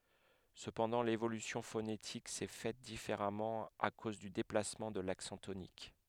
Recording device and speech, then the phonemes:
headset microphone, read sentence
səpɑ̃dɑ̃ levolysjɔ̃ fonetik sɛ fɛt difeʁamɑ̃ a koz dy deplasmɑ̃ də laksɑ̃ tonik

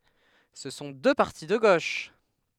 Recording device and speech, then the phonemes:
headset microphone, read sentence
sə sɔ̃ dø paʁti də ɡoʃ

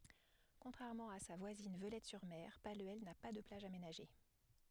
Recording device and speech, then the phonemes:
headset microphone, read sentence
kɔ̃tʁɛʁmɑ̃ a sa vwazin vølɛtɛsyʁme palyɛl na pa də plaʒ amenaʒe

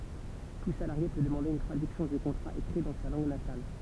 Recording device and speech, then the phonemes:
temple vibration pickup, read sentence
tu salaʁje pø dəmɑ̃de yn tʁadyksjɔ̃ dy kɔ̃tʁa ekʁi dɑ̃ sa lɑ̃ɡ natal

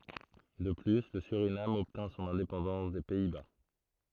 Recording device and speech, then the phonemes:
throat microphone, read sentence
də ply lə syʁinam ɔbtɛ̃ sɔ̃n ɛ̃depɑ̃dɑ̃s de pɛi ba

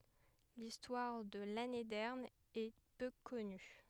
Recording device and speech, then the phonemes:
headset microphone, read sentence
listwaʁ də lanedɛʁn ɛ pø kɔny

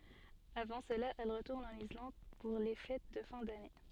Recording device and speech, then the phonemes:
soft in-ear microphone, read sentence
avɑ̃ səla ɛl ʁətuʁn ɑ̃n islɑ̃d puʁ le fɛt də fɛ̃ dane

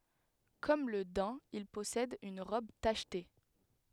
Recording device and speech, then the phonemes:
headset microphone, read sentence
kɔm lə dɛ̃ il pɔsɛd yn ʁɔb taʃte

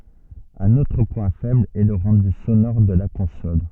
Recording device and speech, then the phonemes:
soft in-ear microphone, read sentence
œ̃n otʁ pwɛ̃ fɛbl ɛ lə ʁɑ̃dy sonɔʁ də la kɔ̃sɔl

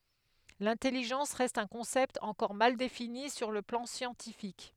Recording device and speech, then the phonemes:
headset microphone, read sentence
lɛ̃tɛliʒɑ̃s ʁɛst œ̃ kɔ̃sɛpt ɑ̃kɔʁ mal defini syʁ lə plɑ̃ sjɑ̃tifik

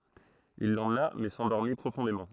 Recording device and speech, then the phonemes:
throat microphone, read sentence
il lemna mɛ sɑ̃dɔʁmi pʁofɔ̃demɑ̃

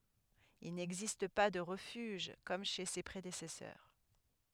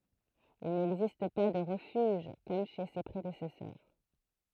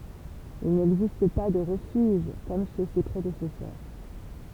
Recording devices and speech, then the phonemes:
headset microphone, throat microphone, temple vibration pickup, read sentence
il nɛɡzist pa də ʁəfyʒ kɔm ʃe se pʁedesɛsœʁ

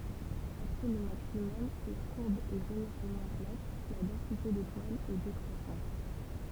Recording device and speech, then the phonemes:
temple vibration pickup, read sentence
apʁɛ lə maksimɔm la kuʁb ɛ ʒeneʁalmɑ̃ plat la dɑ̃site detwalz ɛ dekʁwasɑ̃t

